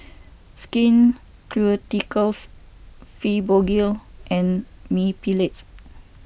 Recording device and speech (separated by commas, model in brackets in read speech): boundary microphone (BM630), read sentence